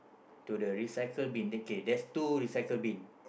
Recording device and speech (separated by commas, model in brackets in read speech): boundary microphone, conversation in the same room